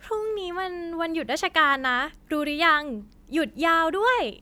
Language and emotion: Thai, happy